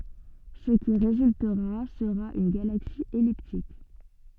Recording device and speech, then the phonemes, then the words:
soft in-ear microphone, read sentence
sə ki ʁezyltəʁa səʁa yn ɡalaksi ɛliptik
Ce qui résultera sera une galaxie elliptique.

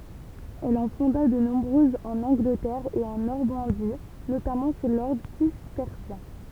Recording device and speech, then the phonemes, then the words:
temple vibration pickup, read sentence
ɛl ɑ̃ fɔ̃da də nɔ̃bʁøzz ɑ̃n ɑ̃ɡlətɛʁ e ɑ̃ nɔʁmɑ̃di notamɑ̃ su lɔʁdʁ sistɛʁsjɛ̃
Elle en fonda de nombreuses en Angleterre et en Normandie, notamment sous l'ordre cistercien.

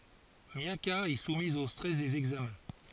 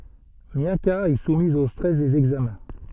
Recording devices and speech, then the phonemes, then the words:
forehead accelerometer, soft in-ear microphone, read sentence
mjaka ɛ sumiz o stʁɛs dez ɛɡzamɛ̃
Miaka est soumise au stress des examens.

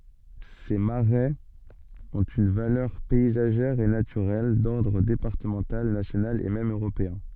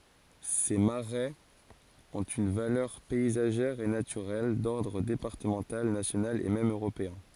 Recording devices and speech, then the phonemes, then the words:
soft in-ear microphone, forehead accelerometer, read sentence
se maʁɛz ɔ̃t yn valœʁ pɛizaʒɛʁ e natyʁɛl dɔʁdʁ depaʁtəmɑ̃tal nasjonal e mɛm øʁopeɛ̃
Ces marais ont une valeur paysagère et naturelle d'ordre départemental, national et même européen.

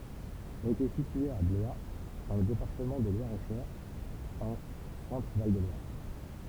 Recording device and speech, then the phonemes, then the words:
temple vibration pickup, read sentence
ɛl etɛ sitye a blwa dɑ̃ lə depaʁtəmɑ̃ də lwaʁɛtʃœʁ ɑ̃ sɑ̃tʁəval də lwaʁ
Elle était située à Blois dans le département de Loir-et-Cher en Centre-Val de Loire.

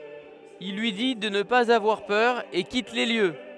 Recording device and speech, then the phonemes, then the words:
headset microphone, read sentence
il lyi di də nə paz avwaʁ pœʁ e kit le ljø
Il lui dit de ne pas avoir peur et quitte les lieux.

